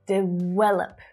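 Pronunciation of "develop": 'develop' is pronounced incorrectly here, and the fault is in the v sound.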